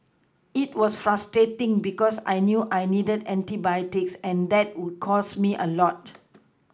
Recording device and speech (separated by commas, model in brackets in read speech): close-talking microphone (WH20), read sentence